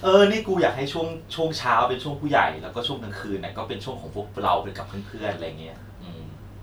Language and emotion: Thai, neutral